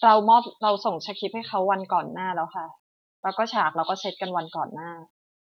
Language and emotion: Thai, neutral